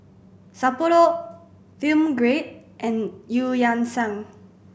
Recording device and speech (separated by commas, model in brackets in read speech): boundary microphone (BM630), read sentence